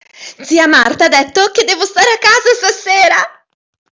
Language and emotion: Italian, happy